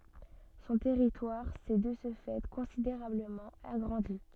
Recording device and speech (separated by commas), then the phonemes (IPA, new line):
soft in-ear microphone, read sentence
sɔ̃ tɛʁitwaʁ sɛ də sə fɛ kɔ̃sideʁabləmɑ̃ aɡʁɑ̃di